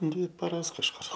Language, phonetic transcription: Lithuanian, ˈdvi paˈras kažˈkur

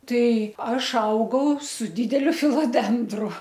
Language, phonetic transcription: Lithuanian, ˈtai ˈaš ˈaugau su ˈdydeliu filoˈdendru

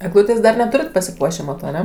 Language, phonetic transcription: Lithuanian, egˈlūtės dar ˈneturit pasiˈpuošė ˈmato aˈne

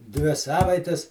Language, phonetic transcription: Lithuanian, ˈdvi ˈsavaites

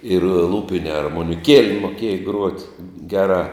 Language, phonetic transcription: Lithuanian, ir ˈlūpine armoniˈkiele moˈkieja gruot' ˈgeˌrā

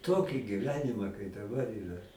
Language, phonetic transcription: Lithuanian, ˈtoki giˈvenima kai daˈbar ˈyra

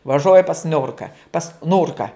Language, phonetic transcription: Lithuanian, vaˈžoji pas ˈniurka pas ˈnurka

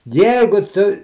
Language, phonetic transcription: Lithuanian, ˈjeigu ˈtu

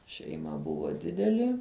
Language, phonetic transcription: Lithuanian, šeiˈma ˈbuvo ˈdideli

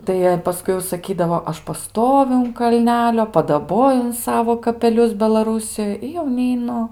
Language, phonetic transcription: Lithuanian, tai ˈjie paˈskui jau saˈkydavo ˈaš paˈstoviu un kalˈnelio padaˈboju un ˈsavo kapeˈlius belaˈrūsijoj i jau neiˈnu

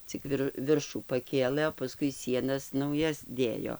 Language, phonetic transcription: Lithuanian, cik ˈvir ˈviršų paˈkėlɘ o paˈskui ˈsienas nauˈjas ˈdėjo

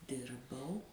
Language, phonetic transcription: Lithuanian, ˈdirbau

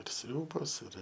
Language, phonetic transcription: Lithuanian, ir ˈsriūbos ir

